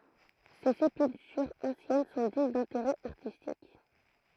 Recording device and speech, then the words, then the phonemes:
throat microphone, read sentence
Ses sépultures anciennes sont dignes d'intérêt artistique.
se sepyltyʁz ɑ̃sjɛn sɔ̃ diɲ dɛ̃teʁɛ aʁtistik

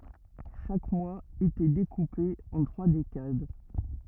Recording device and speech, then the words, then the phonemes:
rigid in-ear microphone, read sentence
Chaque mois était découpé en trois décades.
ʃak mwaz etɛ dekupe ɑ̃ tʁwa dekad

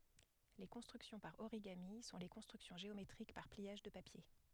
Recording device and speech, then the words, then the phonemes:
headset microphone, read sentence
Les constructions par origami sont les constructions géométriques par pliages de papier.
le kɔ̃stʁyksjɔ̃ paʁ oʁiɡami sɔ̃ le kɔ̃stʁyksjɔ̃ ʒeometʁik paʁ pliaʒ də papje

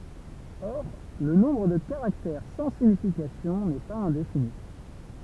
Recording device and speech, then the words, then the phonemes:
temple vibration pickup, read sentence
Or, le nombre de caractères sans signification n'est pas indéfini.
ɔʁ lə nɔ̃bʁ də kaʁaktɛʁ sɑ̃ siɲifikasjɔ̃ nɛ paz ɛ̃defini

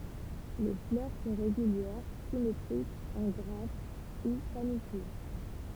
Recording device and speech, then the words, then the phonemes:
temple vibration pickup, read sentence
Les fleurs sont régulières, symétriques, en grappes ou panicules.
le flœʁ sɔ̃ ʁeɡyljɛʁ simetʁikz ɑ̃ ɡʁap u panikyl

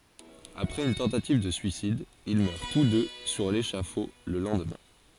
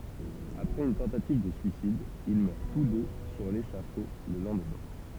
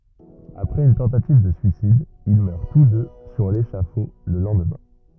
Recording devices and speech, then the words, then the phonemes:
forehead accelerometer, temple vibration pickup, rigid in-ear microphone, read sentence
Après une tentative de suicide, ils meurent tous deux sur l'échafaud le lendemain.
apʁɛz yn tɑ̃tativ də syisid il mœʁ tus dø syʁ leʃafo lə lɑ̃dmɛ̃

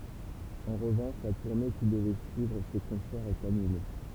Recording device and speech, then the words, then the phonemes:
temple vibration pickup, read sentence
En revanche, la tournée qui devait suivre ces concerts est annulée.
ɑ̃ ʁəvɑ̃ʃ la tuʁne ki dəvɛ syivʁ se kɔ̃sɛʁz ɛt anyle

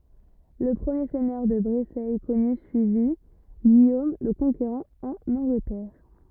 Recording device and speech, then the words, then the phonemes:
rigid in-ear microphone, read sentence
Le premier seigneur de Brécey connu suivit Guillaume le Conquérant en Angleterre.
lə pʁəmje sɛɲœʁ də bʁesɛ kɔny syivi ɡijom lə kɔ̃keʁɑ̃ ɑ̃n ɑ̃ɡlətɛʁ

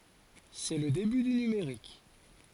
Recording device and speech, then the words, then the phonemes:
forehead accelerometer, read sentence
C'est le début du numérique.
sɛ lə deby dy nymeʁik

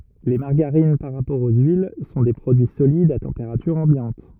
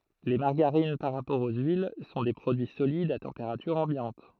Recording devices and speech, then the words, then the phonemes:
rigid in-ear microphone, throat microphone, read sentence
Les margarines, par rapport aux huiles, sont des produits solides à température ambiante.
le maʁɡaʁin paʁ ʁapɔʁ o yil sɔ̃ de pʁodyi solidz a tɑ̃peʁatyʁ ɑ̃bjɑ̃t

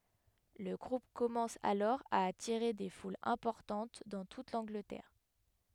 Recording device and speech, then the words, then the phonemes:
headset microphone, read sentence
Le groupe commence alors à attirer des foules importantes dans toute l'Angleterre.
lə ɡʁup kɔmɑ̃s alɔʁ a atiʁe de fulz ɛ̃pɔʁtɑ̃t dɑ̃ tut lɑ̃ɡlətɛʁ

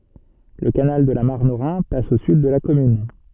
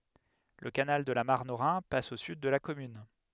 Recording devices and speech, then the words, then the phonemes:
soft in-ear microphone, headset microphone, read sentence
Le canal de la Marne au Rhin passe au sud de la commune.
lə kanal də la maʁn o ʁɛ̃ pas o syd də la kɔmyn

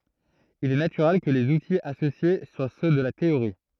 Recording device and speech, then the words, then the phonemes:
throat microphone, read sentence
Il est naturel que les outils associés soient ceux de la théorie.
il ɛ natyʁɛl kə lez utiz asosje swa sø də la teoʁi

